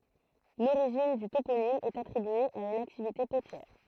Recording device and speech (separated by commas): throat microphone, read sentence